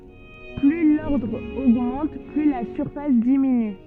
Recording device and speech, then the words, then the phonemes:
soft in-ear microphone, read sentence
Plus l'ordre augmente, plus la surface diminue.
ply lɔʁdʁ oɡmɑ̃t ply la syʁfas diminy

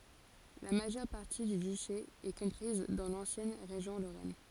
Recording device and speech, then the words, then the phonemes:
forehead accelerometer, read sentence
La majeure partie du duché est comprise dans l'ancienne région Lorraine.
la maʒœʁ paʁti dy dyʃe ɛ kɔ̃pʁiz dɑ̃ lɑ̃sjɛn ʁeʒjɔ̃ loʁɛn

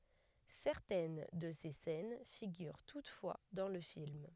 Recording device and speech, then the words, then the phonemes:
headset microphone, read sentence
Certaines de ses scènes figurent toutefois dans le film.
sɛʁtɛn də se sɛn fiɡyʁ tutfwa dɑ̃ lə film

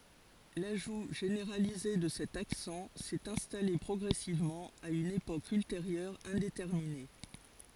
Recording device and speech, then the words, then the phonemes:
forehead accelerometer, read sentence
L'ajout généralisé de cet accent s'est installé progressivement, à une époque ultérieure indéterminée.
laʒu ʒeneʁalize də sɛt aksɑ̃ sɛt ɛ̃stale pʁɔɡʁɛsivmɑ̃ a yn epok ylteʁjœʁ ɛ̃detɛʁmine

